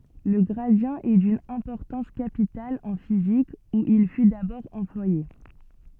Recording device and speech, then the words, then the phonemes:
soft in-ear microphone, read sentence
Le gradient est d'une importance capitale en physique, où il fut d'abord employé.
lə ɡʁadi ɛ dyn ɛ̃pɔʁtɑ̃s kapital ɑ̃ fizik u il fy dabɔʁ ɑ̃plwaje

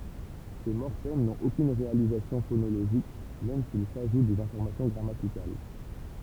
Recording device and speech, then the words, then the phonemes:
temple vibration pickup, read sentence
Ces morphèmes n’ont aucune réalisation phonologique même s’ils ajoutent des informations grammaticales.
se mɔʁfɛm nɔ̃t okyn ʁealizasjɔ̃ fonoloʒik mɛm silz aʒut dez ɛ̃fɔʁmasjɔ̃ ɡʁamatikal

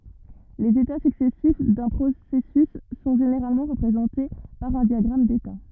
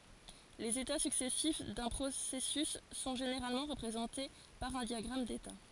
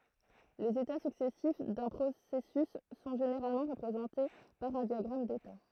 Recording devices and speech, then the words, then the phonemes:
rigid in-ear microphone, forehead accelerometer, throat microphone, read sentence
Les états successifs d'un processus sont généralement représentées par un diagramme d'état.
lez eta syksɛsif dœ̃ pʁosɛsys sɔ̃ ʒeneʁalmɑ̃ ʁəpʁezɑ̃te paʁ œ̃ djaɡʁam deta

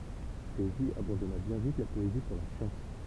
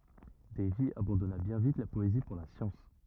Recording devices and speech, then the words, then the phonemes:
temple vibration pickup, rigid in-ear microphone, read sentence
Davy abandonna bien vite la poésie pour la science.
dɛjvi abɑ̃dɔna bjɛ̃ vit la pɔezi puʁ la sjɑ̃s

